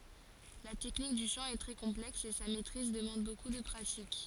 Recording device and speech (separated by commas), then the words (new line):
forehead accelerometer, read sentence
La technique du chant est très complexe et sa maîtrise demande beaucoup de pratique.